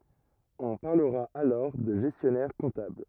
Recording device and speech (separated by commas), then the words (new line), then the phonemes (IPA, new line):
rigid in-ear microphone, read sentence
On parlera alors de gestionnaire-comptable.
ɔ̃ paʁləʁa alɔʁ də ʒɛstjɔnɛʁ kɔ̃tabl